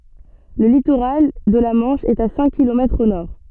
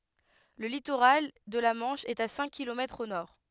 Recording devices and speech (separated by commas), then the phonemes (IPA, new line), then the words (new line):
soft in-ear microphone, headset microphone, read sentence
lə litoʁal də la mɑ̃ʃ ɛt a sɛ̃k kilomɛtʁz o nɔʁ
Le littoral de la Manche est à cinq kilomètres au nord.